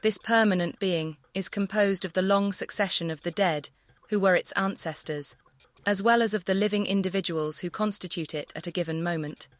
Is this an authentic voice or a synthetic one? synthetic